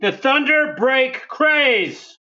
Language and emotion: English, angry